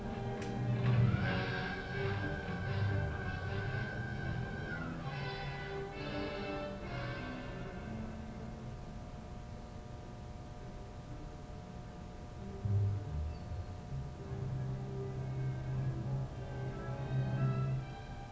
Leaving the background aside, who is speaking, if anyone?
No one.